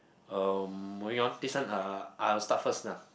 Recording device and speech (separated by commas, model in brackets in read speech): boundary microphone, conversation in the same room